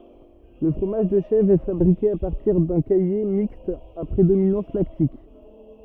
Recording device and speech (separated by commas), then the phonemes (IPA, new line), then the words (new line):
rigid in-ear microphone, read sentence
lə fʁomaʒ də ʃɛvʁ ɛ fabʁike a paʁtiʁ dœ̃ kaje mikst a pʁedominɑ̃s laktik
Le fromage de chèvre est fabriqué à partir d'un caillé mixte à prédominance lactique.